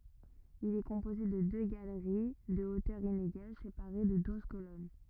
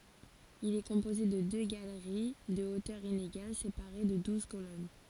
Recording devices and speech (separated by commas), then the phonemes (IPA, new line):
rigid in-ear microphone, forehead accelerometer, read sentence
il ɛ kɔ̃poze də dø ɡaləʁi də otœʁ ineɡal sepaʁe də duz kolɔn